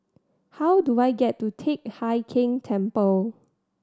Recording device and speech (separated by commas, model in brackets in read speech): standing microphone (AKG C214), read sentence